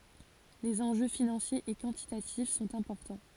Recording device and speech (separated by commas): forehead accelerometer, read sentence